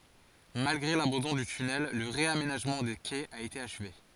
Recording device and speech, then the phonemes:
forehead accelerometer, read sentence
malɡʁe labɑ̃dɔ̃ dy tynɛl lə ʁeamenaʒmɑ̃ de kɛz a ete aʃve

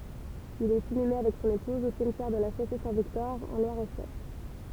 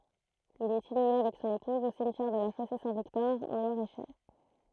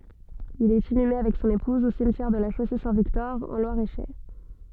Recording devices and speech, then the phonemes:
temple vibration pickup, throat microphone, soft in-ear microphone, read sentence
il ɛt inyme avɛk sɔ̃n epuz o simtjɛʁ də la ʃose sɛ̃ viktɔʁ ɑ̃ lwaʁ e ʃɛʁ

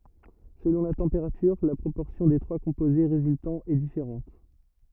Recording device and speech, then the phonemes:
rigid in-ear microphone, read sentence
səlɔ̃ la tɑ̃peʁatyʁ la pʁopɔʁsjɔ̃ de tʁwa kɔ̃poze ʁezyltɑ̃z ɛ difeʁɑ̃t

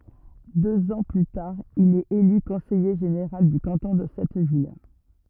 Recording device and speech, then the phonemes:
rigid in-ear microphone, read sentence
døz ɑ̃ ply taʁ il ɛt ely kɔ̃sɛje ʒeneʁal dy kɑ̃tɔ̃ də sɛt vil

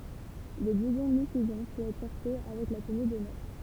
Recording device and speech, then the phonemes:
temple vibration pickup, read sentence
lə bluzɔ̃ mi sɛzɔ̃ pøt ɛtʁ pɔʁte avɛk la təny dɔnœʁ

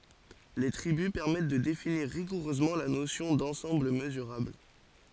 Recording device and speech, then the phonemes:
forehead accelerometer, read sentence
le tʁibys pɛʁmɛt də definiʁ ʁiɡuʁøzmɑ̃ la nosjɔ̃ dɑ̃sɑ̃bl məzyʁabl

